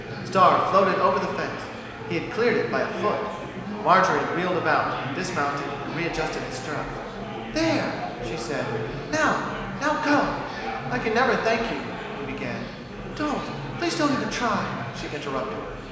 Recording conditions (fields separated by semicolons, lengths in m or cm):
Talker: one person; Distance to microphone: 1.7 m; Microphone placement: close; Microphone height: 1.0 m; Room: very reverberant, large; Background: babble